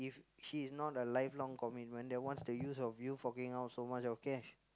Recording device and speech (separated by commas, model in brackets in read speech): close-talking microphone, conversation in the same room